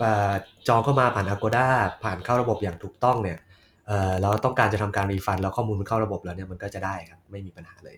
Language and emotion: Thai, neutral